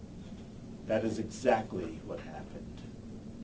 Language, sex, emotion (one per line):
English
male
disgusted